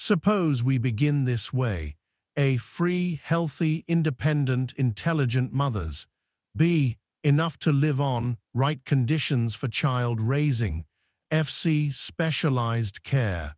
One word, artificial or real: artificial